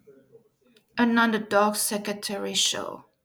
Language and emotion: English, sad